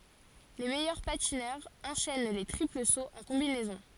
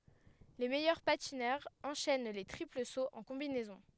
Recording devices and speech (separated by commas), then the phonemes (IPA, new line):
forehead accelerometer, headset microphone, read sentence
le mɛjœʁ patinœʁz ɑ̃ʃɛn le tʁipl soz ɑ̃ kɔ̃binɛzɔ̃